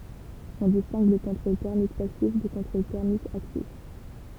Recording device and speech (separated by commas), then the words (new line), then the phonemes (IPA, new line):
temple vibration pickup, read sentence
On distingue le contrôle thermique passif du contrôle thermique actif.
ɔ̃ distɛ̃ɡ lə kɔ̃tʁol tɛʁmik pasif dy kɔ̃tʁol tɛʁmik aktif